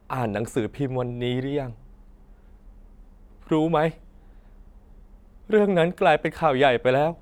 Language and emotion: Thai, sad